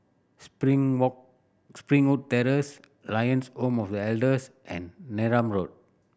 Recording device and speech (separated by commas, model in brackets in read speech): boundary microphone (BM630), read sentence